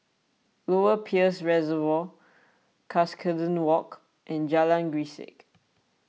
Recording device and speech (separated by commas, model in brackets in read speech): mobile phone (iPhone 6), read sentence